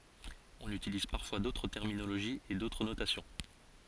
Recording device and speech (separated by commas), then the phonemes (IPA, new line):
forehead accelerometer, read sentence
ɔ̃n ytiliz paʁfwa dotʁ tɛʁminoloʒiz e dotʁ notasjɔ̃